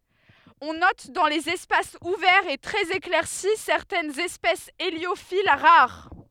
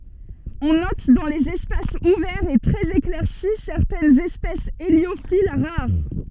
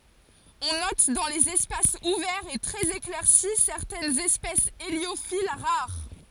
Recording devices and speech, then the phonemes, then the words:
headset microphone, soft in-ear microphone, forehead accelerometer, read sentence
ɔ̃ nɔt dɑ̃ lez ɛspasz uvɛʁz e tʁɛz eklɛʁsi sɛʁtɛnz ɛspɛsz eljofil ʁaʁ
On note dans les espaces ouverts et très éclaircis certaines espèces héliophiles, rares.

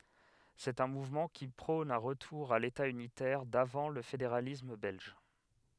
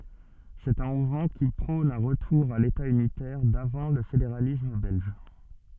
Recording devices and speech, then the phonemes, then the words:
headset microphone, soft in-ear microphone, read sentence
sɛt œ̃ muvmɑ̃ ki pʁɔ̃n œ̃ ʁətuʁ a leta ynitɛʁ davɑ̃ lə fedeʁalism bɛlʒ
C'est un mouvement qui prône un retour à l'État unitaire d'avant le fédéralisme belge.

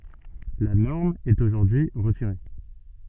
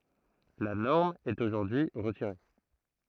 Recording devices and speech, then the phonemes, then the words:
soft in-ear microphone, throat microphone, read sentence
la nɔʁm ɛt oʒuʁdyi ʁətiʁe
La norme est aujourd’hui retirée.

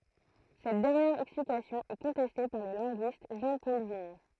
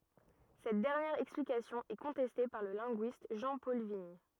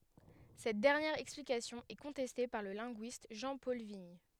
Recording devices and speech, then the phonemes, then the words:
throat microphone, rigid in-ear microphone, headset microphone, read sentence
sɛt dɛʁnjɛʁ ɛksplikasjɔ̃ ɛ kɔ̃tɛste paʁ lə lɛ̃ɡyist ʒɑ̃pɔl viɲ
Cette dernière explication est contestée par le linguiste Jean-Paul Vignes.

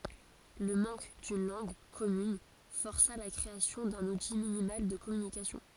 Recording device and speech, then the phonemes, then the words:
forehead accelerometer, read sentence
lə mɑ̃k dyn lɑ̃ɡ kɔmyn fɔʁsa la kʁeasjɔ̃ dœ̃n uti minimal də kɔmynikasjɔ̃
Le manque d'une langue commune força la création d'un outil minimal de communication.

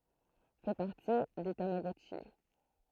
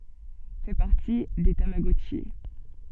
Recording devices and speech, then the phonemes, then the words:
throat microphone, soft in-ear microphone, read sentence
fɛ paʁti de tamaɡɔtʃi
Fait partie des tamagotchis.

